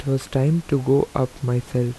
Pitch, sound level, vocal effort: 135 Hz, 78 dB SPL, soft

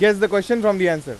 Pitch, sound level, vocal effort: 210 Hz, 98 dB SPL, very loud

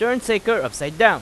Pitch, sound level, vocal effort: 220 Hz, 95 dB SPL, loud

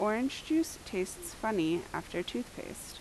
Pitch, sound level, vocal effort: 220 Hz, 79 dB SPL, normal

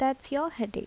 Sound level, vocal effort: 77 dB SPL, soft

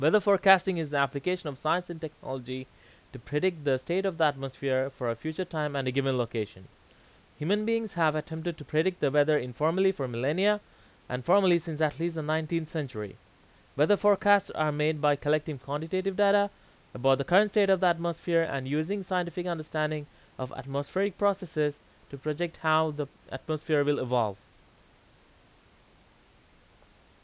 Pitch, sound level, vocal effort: 155 Hz, 91 dB SPL, very loud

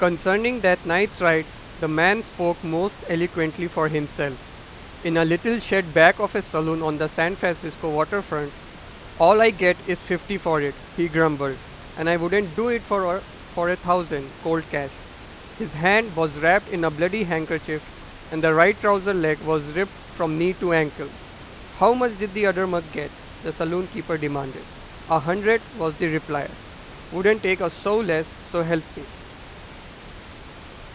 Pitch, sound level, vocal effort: 170 Hz, 96 dB SPL, very loud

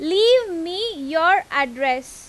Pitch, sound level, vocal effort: 340 Hz, 94 dB SPL, very loud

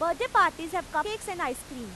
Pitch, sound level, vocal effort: 330 Hz, 98 dB SPL, very loud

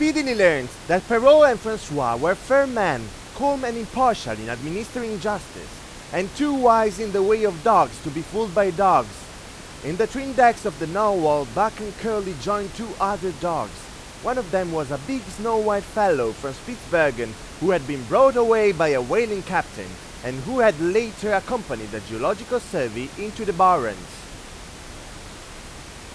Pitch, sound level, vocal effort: 200 Hz, 99 dB SPL, very loud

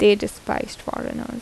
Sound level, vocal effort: 78 dB SPL, normal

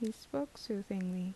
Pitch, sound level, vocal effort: 190 Hz, 73 dB SPL, soft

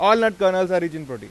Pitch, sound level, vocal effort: 185 Hz, 100 dB SPL, very loud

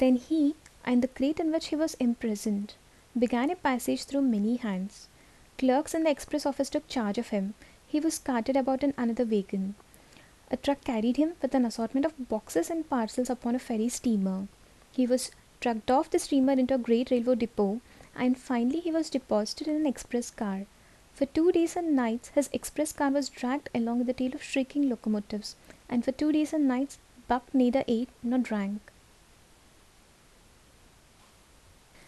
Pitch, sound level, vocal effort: 255 Hz, 74 dB SPL, soft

